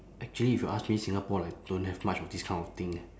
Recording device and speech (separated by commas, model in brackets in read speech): standing microphone, conversation in separate rooms